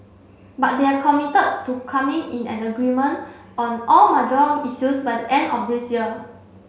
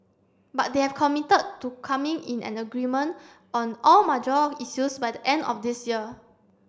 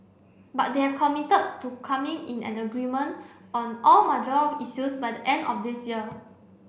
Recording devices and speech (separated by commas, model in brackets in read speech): mobile phone (Samsung C7), standing microphone (AKG C214), boundary microphone (BM630), read sentence